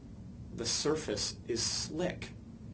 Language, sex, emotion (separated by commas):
English, male, neutral